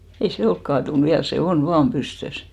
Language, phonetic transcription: Finnish, 'ei "se 'olk kaatun 'viäl , se "on 'vaam "pystös .
- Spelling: ei se ole kaatunut vielä se on vain pystyssä

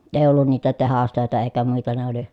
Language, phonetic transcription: Finnish, ee ollun niitä tehastö̀etä èi̮kä muita ne ‿oli ,.
- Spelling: ei ollut niitä tehdastöitä eikä muita ne oli

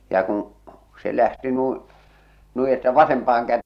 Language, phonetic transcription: Finnish, ja kuṵ , se lähti 'nuiḭ , 'nui että 'vasempaah̬aŋ kät- - -.
- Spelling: ja kun se lähti niin noin että vasempaan -

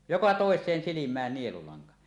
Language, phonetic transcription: Finnish, 'joka 'tòes̀een silim̀ään nielulaŋka .
- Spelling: joka toiseen silmään nielulanka

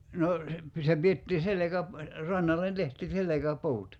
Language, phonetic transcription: Finnish, 'no , se , se 'piettii "selekäp- , 'rannallen tehti 'selekä"puut .
- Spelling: no se se pidettiin - rannalle tehtiin selkäpuut

